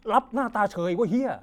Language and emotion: Thai, frustrated